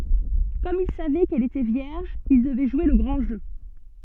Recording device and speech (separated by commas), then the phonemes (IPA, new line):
soft in-ear microphone, read sentence
kɔm il savɛ kɛl etɛ vjɛʁʒ il dəvɛ ʒwe lə ɡʁɑ̃ ʒø